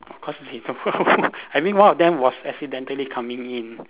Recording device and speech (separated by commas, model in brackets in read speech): telephone, conversation in separate rooms